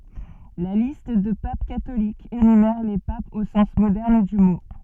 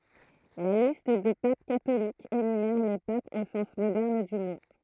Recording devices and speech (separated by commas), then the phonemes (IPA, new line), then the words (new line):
soft in-ear microphone, throat microphone, read sentence
la list də pap katolikz enymɛʁ le papz o sɑ̃s modɛʁn dy mo
La liste de papes catholiques énumère les papes au sens moderne du mot.